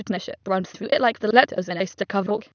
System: TTS, waveform concatenation